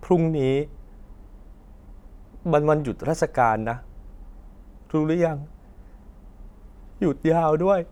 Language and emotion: Thai, sad